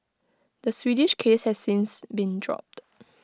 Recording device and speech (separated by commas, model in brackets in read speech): close-talking microphone (WH20), read sentence